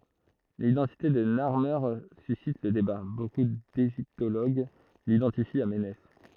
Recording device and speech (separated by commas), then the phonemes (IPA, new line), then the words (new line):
throat microphone, read sentence
lidɑ̃tite də naʁme sysit lə deba boku deʒiptoloɡ lidɑ̃tifi a menɛs
L'identité de Narmer suscite le débat, beaucoup d'égyptologues l'identifient à Ménès.